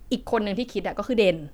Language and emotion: Thai, neutral